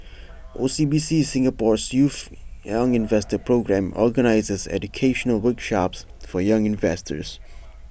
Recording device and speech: boundary microphone (BM630), read sentence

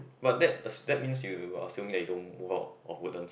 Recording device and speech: boundary microphone, conversation in the same room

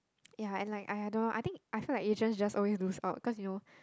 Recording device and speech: close-talking microphone, conversation in the same room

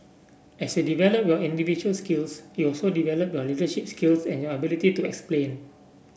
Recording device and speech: boundary microphone (BM630), read sentence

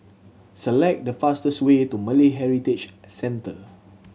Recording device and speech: mobile phone (Samsung C7100), read sentence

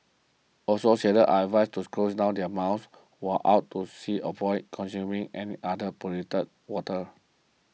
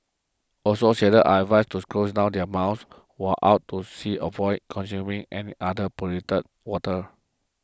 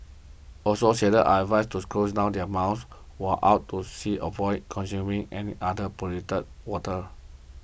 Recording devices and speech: mobile phone (iPhone 6), close-talking microphone (WH20), boundary microphone (BM630), read sentence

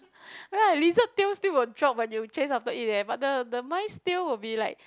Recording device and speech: close-talking microphone, conversation in the same room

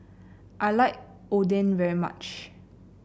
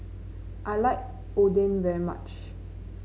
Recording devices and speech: boundary microphone (BM630), mobile phone (Samsung C9), read sentence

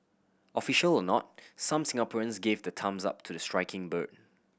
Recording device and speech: boundary microphone (BM630), read sentence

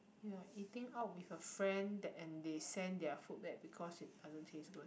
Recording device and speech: boundary microphone, conversation in the same room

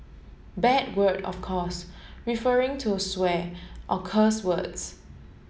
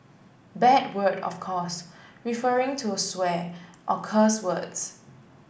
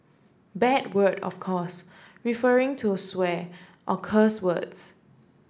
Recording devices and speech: mobile phone (Samsung S8), boundary microphone (BM630), standing microphone (AKG C214), read sentence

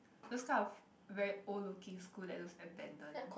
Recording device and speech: boundary microphone, conversation in the same room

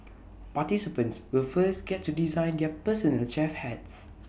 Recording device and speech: boundary microphone (BM630), read sentence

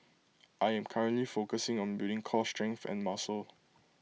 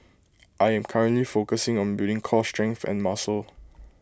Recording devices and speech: mobile phone (iPhone 6), close-talking microphone (WH20), read sentence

